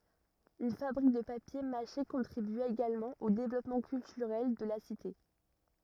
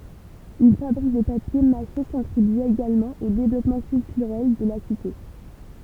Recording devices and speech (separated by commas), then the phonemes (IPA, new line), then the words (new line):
rigid in-ear microphone, temple vibration pickup, read sentence
yn fabʁik də papje maʃe kɔ̃tʁibya eɡalmɑ̃ o devlɔpmɑ̃ kyltyʁɛl də la site
Une fabrique de papier mâché contribua également au développement culturel de la cité.